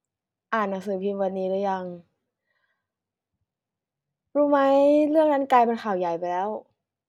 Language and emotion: Thai, frustrated